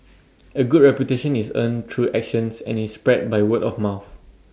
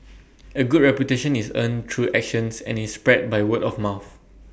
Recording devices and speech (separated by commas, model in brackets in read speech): standing microphone (AKG C214), boundary microphone (BM630), read sentence